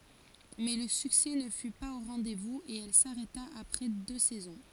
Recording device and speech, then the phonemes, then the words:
forehead accelerometer, read sentence
mɛ lə syksɛ nə fy paz o ʁɑ̃dɛzvuz e ɛl saʁɛta apʁɛ dø sɛzɔ̃
Mais le succès ne fut pas au rendez-vous et elle s'arrêta après deux saisons.

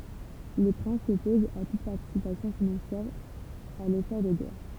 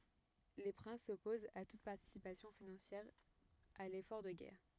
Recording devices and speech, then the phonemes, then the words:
temple vibration pickup, rigid in-ear microphone, read sentence
le pʁɛ̃s sɔpozt a tut paʁtisipasjɔ̃ finɑ̃sjɛʁ a lefɔʁ də ɡɛʁ
Les princes s'opposent à toute participation financière à l'effort de guerre.

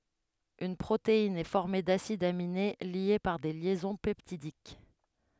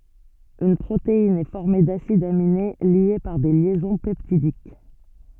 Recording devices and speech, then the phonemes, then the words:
headset microphone, soft in-ear microphone, read sentence
yn pʁotein ɛ fɔʁme dasidz amine lje paʁ de ljɛzɔ̃ pɛptidik
Une protéine est formée d'acides aminés liés par des liaisons peptidiques.

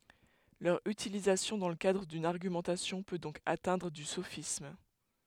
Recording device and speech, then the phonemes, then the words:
headset microphone, read sentence
lœʁ ytilizasjɔ̃ dɑ̃ lə kadʁ dyn aʁɡymɑ̃tasjɔ̃ pø dɔ̃k atɛ̃dʁ o sofism
Leur utilisation dans le cadre d’une argumentation peut donc atteindre au sophisme.

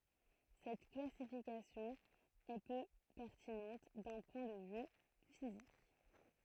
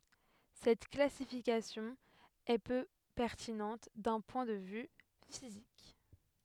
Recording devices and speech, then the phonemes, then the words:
throat microphone, headset microphone, read sentence
sɛt klasifikasjɔ̃ ɛ pø pɛʁtinɑ̃t dœ̃ pwɛ̃ də vy fizik
Cette classification est peu pertinente d'un point de vue physique.

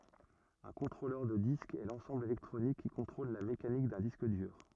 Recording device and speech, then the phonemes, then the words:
rigid in-ear microphone, read sentence
œ̃ kɔ̃tʁolœʁ də disk ɛ lɑ̃sɑ̃bl elɛktʁonik ki kɔ̃tʁol la mekanik dœ̃ disk dyʁ
Un contrôleur de disque est l’ensemble électronique qui contrôle la mécanique d’un disque dur.

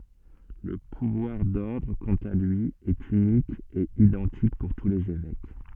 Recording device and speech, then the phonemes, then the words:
soft in-ear microphone, read sentence
lə puvwaʁ dɔʁdʁ kɑ̃t a lyi ɛt ynik e idɑ̃tik puʁ tu lez evɛk
Le pouvoir d'ordre, quant à lui, est unique et identique pour tous les évêques.

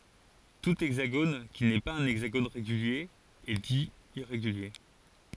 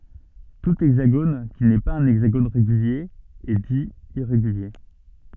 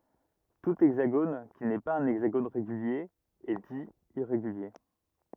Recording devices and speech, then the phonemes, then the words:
forehead accelerometer, soft in-ear microphone, rigid in-ear microphone, read sentence
tu ɛɡzaɡon ki nɛ paz œ̃ ɛɡzaɡon ʁeɡylje ɛ di iʁeɡylje
Tout hexagone qui n'est pas un hexagone régulier est dit irrégulier.

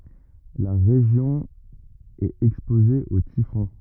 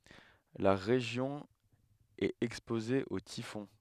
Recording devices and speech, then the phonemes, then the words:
rigid in-ear microphone, headset microphone, read sentence
la ʁeʒjɔ̃ ɛt ɛkspoze o tifɔ̃
La région est exposée aux typhons.

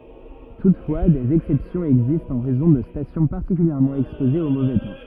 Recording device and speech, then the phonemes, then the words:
rigid in-ear microphone, read sentence
tutfwa dez ɛksɛpsjɔ̃z ɛɡzistt ɑ̃ ʁɛzɔ̃ də stasjɔ̃ paʁtikyljɛʁmɑ̃ ɛkspozez o movɛ tɑ̃
Toutefois, des exceptions existent en raison de stations particulièrement exposées au mauvais temps.

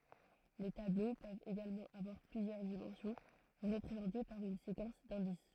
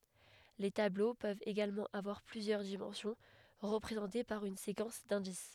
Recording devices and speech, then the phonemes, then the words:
throat microphone, headset microphone, read sentence
le tablo pøvt eɡalmɑ̃ avwaʁ plyzjœʁ dimɑ̃sjɔ̃ ʁəpʁezɑ̃te paʁ yn sekɑ̃s dɛ̃dis
Les tableaux peuvent également avoir plusieurs dimensions, représentées par une séquence d'indices.

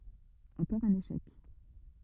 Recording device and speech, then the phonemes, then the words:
rigid in-ear microphone, read sentence
ɑ̃kɔʁ œ̃n eʃɛk
Encore un échec.

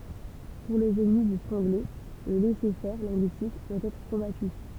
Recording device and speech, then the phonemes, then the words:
temple vibration pickup, read sentence
puʁ lez ɛnmi dy fʁɑ̃ɡlɛ lə lɛsɛʁfɛʁ lɛ̃ɡyistik dwa ɛtʁ kɔ̃baty
Pour les ennemis du franglais, le laisser-faire linguistique doit être combattu.

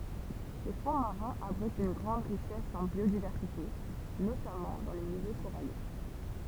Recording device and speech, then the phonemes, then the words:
temple vibration pickup, read sentence
le fɔ̃ maʁɛ̃z abʁitt yn ɡʁɑ̃d ʁiʃɛs ɑ̃ bjodivɛʁsite notamɑ̃ dɑ̃ le miljø koʁaljɛ̃
Les fonds marins abritent une grande richesse en biodiversité, notamment dans les milieux coralliens.

